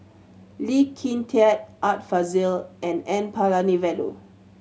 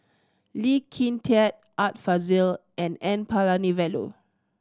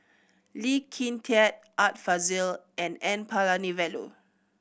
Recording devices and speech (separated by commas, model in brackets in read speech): mobile phone (Samsung C7100), standing microphone (AKG C214), boundary microphone (BM630), read sentence